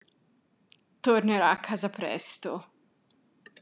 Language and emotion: Italian, disgusted